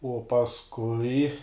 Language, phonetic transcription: Lithuanian, uo pasˈkui

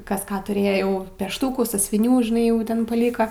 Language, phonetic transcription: Lithuanian, ˈkas ˈką ˈturėjo jau ˈpeštūkų sąsiuviˈnių žiˈnai jau ˈten paˈlyka

